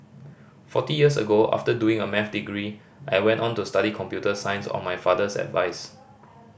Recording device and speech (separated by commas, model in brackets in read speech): boundary microphone (BM630), read sentence